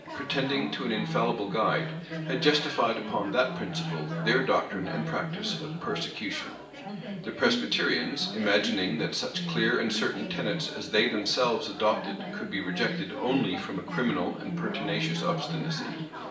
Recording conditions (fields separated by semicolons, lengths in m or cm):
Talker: one person; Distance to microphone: 1.8 m; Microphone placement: close; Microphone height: 1.0 m; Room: large; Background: babble